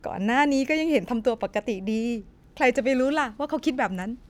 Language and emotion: Thai, neutral